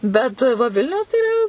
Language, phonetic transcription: Lithuanian, bet va ˈvilniaus tai iˈra

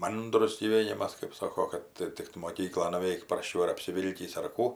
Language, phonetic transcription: Lithuanian, ˈmandrus gyˈvėnimas kɜp ˈsoko kad ˈtik tu moˈkyklon nuˈveik prasˈčiau ar apsiˈvilkįs ar ˈkų

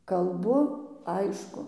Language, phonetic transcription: Lithuanian, kalˈbu ˈaišku

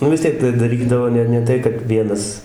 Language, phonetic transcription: Lithuanian, nu vis ˈtiek tai daˈrydavo ˈne ˈne tai kad ˈvienas

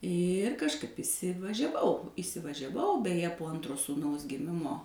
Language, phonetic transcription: Lithuanian, ir kažˈkaip įsivažiaˈvau įsivažiaˈvau beˈje po ˈantro sūˈnaus giˈmimo

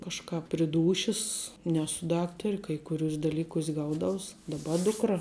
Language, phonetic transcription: Lithuanian, kažˈkap pri ˈdūšis ˈnesu ˈdaktari kai kuˈriūs' daˈlykūs' ˈgaudaus daˈba ˈdukra

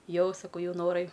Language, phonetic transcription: Lithuanian, ˈjau saˈkau ˈjau noˈrai

